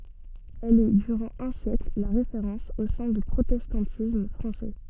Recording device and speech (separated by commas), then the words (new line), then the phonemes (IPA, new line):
soft in-ear microphone, read sentence
Elle est durant un siècle la référence au sein du protestantisme français.
ɛl ɛ dyʁɑ̃ œ̃ sjɛkl la ʁefeʁɑ̃s o sɛ̃ dy pʁotɛstɑ̃tism fʁɑ̃sɛ